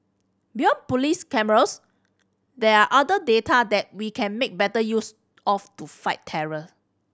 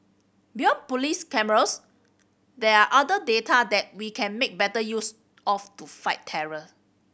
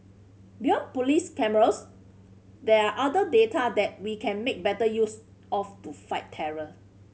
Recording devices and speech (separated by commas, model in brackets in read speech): standing microphone (AKG C214), boundary microphone (BM630), mobile phone (Samsung C5010), read sentence